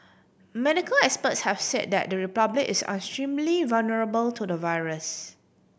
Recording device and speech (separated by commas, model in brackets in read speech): boundary microphone (BM630), read sentence